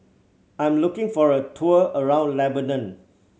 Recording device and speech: mobile phone (Samsung C7100), read sentence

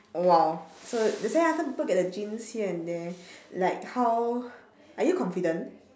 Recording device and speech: standing microphone, conversation in separate rooms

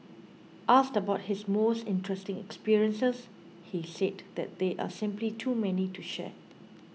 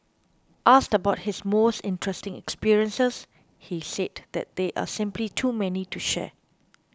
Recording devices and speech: mobile phone (iPhone 6), close-talking microphone (WH20), read sentence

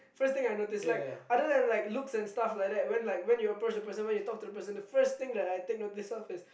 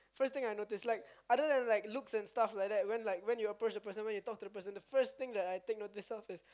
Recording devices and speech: boundary microphone, close-talking microphone, conversation in the same room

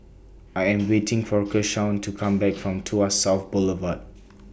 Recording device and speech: boundary microphone (BM630), read sentence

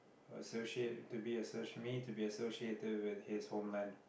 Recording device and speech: boundary microphone, conversation in the same room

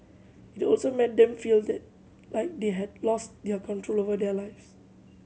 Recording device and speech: mobile phone (Samsung C7100), read sentence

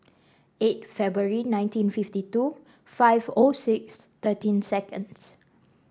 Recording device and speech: standing microphone (AKG C214), read sentence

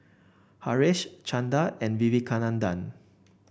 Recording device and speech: boundary microphone (BM630), read sentence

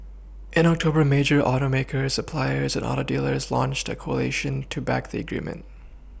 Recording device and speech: boundary microphone (BM630), read sentence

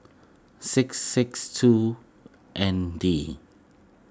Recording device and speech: close-talking microphone (WH20), read sentence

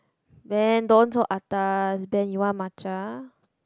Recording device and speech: close-talking microphone, conversation in the same room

